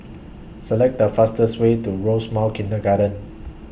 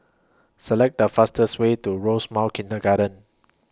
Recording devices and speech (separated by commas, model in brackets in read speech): boundary microphone (BM630), close-talking microphone (WH20), read sentence